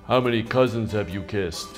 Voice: deep voice